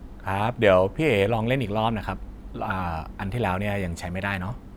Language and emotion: Thai, neutral